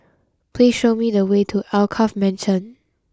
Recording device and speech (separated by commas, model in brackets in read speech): close-talking microphone (WH20), read sentence